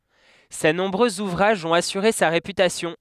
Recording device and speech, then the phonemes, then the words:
headset microphone, read sentence
se nɔ̃bʁøz uvʁaʒz ɔ̃t asyʁe sa ʁepytasjɔ̃
Ses nombreux ouvrages ont assuré sa réputation.

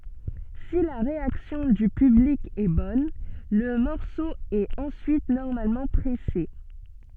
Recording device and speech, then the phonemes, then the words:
soft in-ear microphone, read sentence
si la ʁeaksjɔ̃ dy pyblik ɛ bɔn lə mɔʁso ɛt ɑ̃syit nɔʁmalmɑ̃ pʁɛse
Si la réaction du public est bonne, le morceau est ensuite normalement pressé.

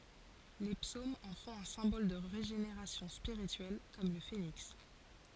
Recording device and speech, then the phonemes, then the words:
forehead accelerometer, read sentence
le psomz ɑ̃ fɔ̃t œ̃ sɛ̃bɔl də ʁeʒeneʁasjɔ̃ spiʁityɛl kɔm lə feniks
Les psaumes en font un symbole de régénération spirituelle, comme le phénix.

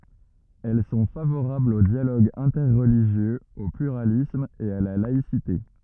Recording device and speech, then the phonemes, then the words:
rigid in-ear microphone, read sentence
ɛl sɔ̃ favoʁablz o djaloɡ ɛ̃tɛʁliʒjøz o plyʁalism e a la laisite
Elles sont favorables au dialogue interreligieux, au pluralisme, et à la laïcité.

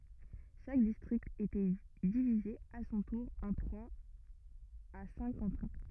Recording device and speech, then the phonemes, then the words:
rigid in-ear microphone, read sentence
ʃak distʁikt etɛ divize a sɔ̃ tuʁ ɑ̃ tʁwaz a sɛ̃k kɑ̃tɔ̃
Chaque district était divisé à son tour en trois à cinq cantons.

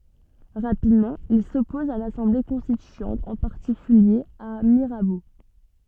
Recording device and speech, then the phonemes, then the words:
soft in-ear microphone, read sentence
ʁapidmɑ̃ il sɔpɔz a lasɑ̃ble kɔ̃stityɑ̃t ɑ̃ paʁtikylje a miʁabo
Rapidement, il s’oppose à l’Assemblée constituante, en particulier à Mirabeau.

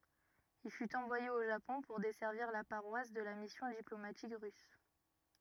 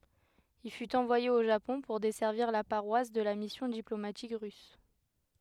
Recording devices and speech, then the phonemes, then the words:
rigid in-ear microphone, headset microphone, read sentence
il fyt ɑ̃vwaje o ʒapɔ̃ puʁ dɛsɛʁviʁ la paʁwas də la misjɔ̃ diplomatik ʁys
Il fut envoyé au Japon pour desservir la paroisse de la mission diplomatique russe.

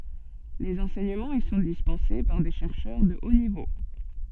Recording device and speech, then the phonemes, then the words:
soft in-ear microphone, read sentence
lez ɑ̃sɛɲəmɑ̃z i sɔ̃ dispɑ̃se paʁ de ʃɛʁʃœʁ də o nivo
Les enseignements y sont dispensés par des chercheurs de haut niveau.

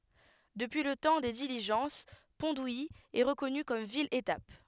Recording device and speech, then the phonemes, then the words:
headset microphone, read sentence
dəpyi lə tɑ̃ de diliʒɑ̃s pɔ̃ duji ɛ ʁəkɔny kɔm vil etap
Depuis le temps des diligences, Pont-d'Ouilly est reconnue comme ville étape.

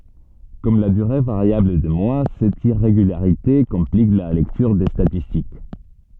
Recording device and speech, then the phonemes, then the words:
soft in-ear microphone, read sentence
kɔm la dyʁe vaʁjabl de mwa sɛt iʁeɡylaʁite kɔ̃plik la lɛktyʁ de statistik
Comme la durée variable des mois, cette irrégularité complique la lecture des statistiques.

